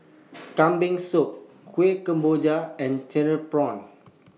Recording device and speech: mobile phone (iPhone 6), read sentence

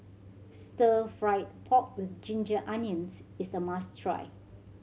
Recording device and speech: mobile phone (Samsung C7100), read sentence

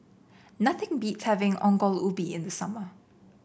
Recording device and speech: boundary microphone (BM630), read sentence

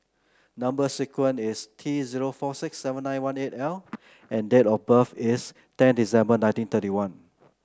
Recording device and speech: close-talking microphone (WH30), read sentence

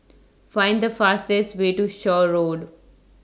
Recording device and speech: standing microphone (AKG C214), read sentence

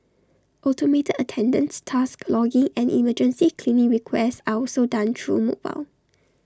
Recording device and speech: standing microphone (AKG C214), read sentence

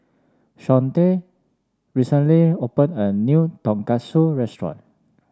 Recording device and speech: standing microphone (AKG C214), read sentence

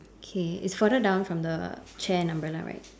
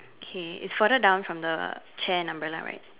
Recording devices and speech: standing microphone, telephone, conversation in separate rooms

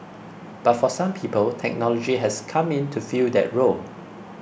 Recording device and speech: boundary microphone (BM630), read sentence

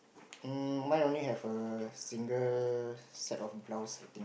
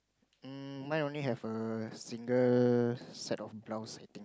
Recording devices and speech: boundary microphone, close-talking microphone, conversation in the same room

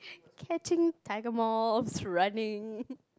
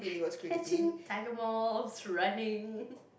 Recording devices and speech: close-talking microphone, boundary microphone, conversation in the same room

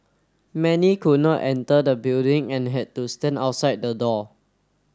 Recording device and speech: standing microphone (AKG C214), read sentence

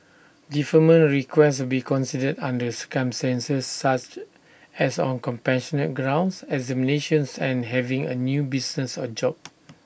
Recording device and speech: boundary microphone (BM630), read sentence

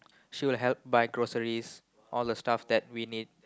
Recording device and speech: close-talking microphone, conversation in the same room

